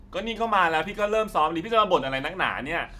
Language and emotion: Thai, frustrated